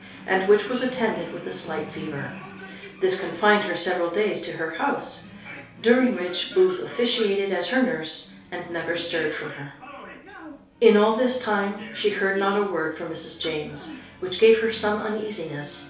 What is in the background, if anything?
A television.